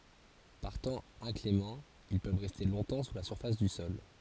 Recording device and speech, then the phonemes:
forehead accelerometer, read sentence
paʁ tɑ̃ ɛ̃klemɑ̃ il pøv ʁɛste lɔ̃tɑ̃ su la syʁfas dy sɔl

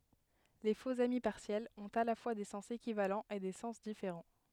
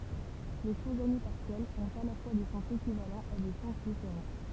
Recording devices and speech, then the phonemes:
headset microphone, temple vibration pickup, read sentence
le foksami paʁsjɛlz ɔ̃t a la fwa de sɑ̃s ekivalɑ̃z e de sɑ̃s difeʁɑ̃

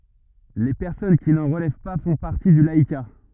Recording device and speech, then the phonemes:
rigid in-ear microphone, read sentence
le pɛʁsɔn ki nɑ̃ ʁəlɛv pa fɔ̃ paʁti dy laika

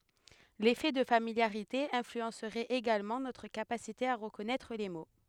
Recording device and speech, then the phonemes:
headset microphone, read sentence
lefɛ də familjaʁite ɛ̃flyɑ̃sʁɛt eɡalmɑ̃ notʁ kapasite a ʁəkɔnɛtʁ le mo

